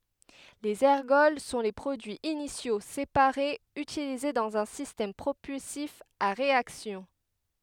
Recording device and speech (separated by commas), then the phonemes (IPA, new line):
headset microphone, read sentence
lez ɛʁɡɔl sɔ̃ le pʁodyiz inisjo sepaʁez ytilize dɑ̃z œ̃ sistɛm pʁopylsif a ʁeaksjɔ̃